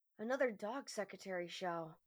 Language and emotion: English, disgusted